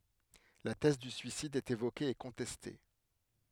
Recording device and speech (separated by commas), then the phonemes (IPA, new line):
headset microphone, read sentence
la tɛz dy syisid ɛt evoke e kɔ̃tɛste